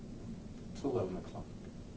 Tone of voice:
neutral